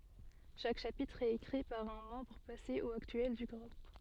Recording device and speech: soft in-ear microphone, read sentence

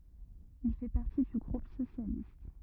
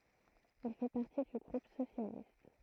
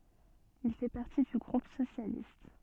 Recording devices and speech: rigid in-ear microphone, throat microphone, soft in-ear microphone, read sentence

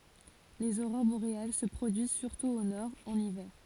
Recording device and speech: forehead accelerometer, read sentence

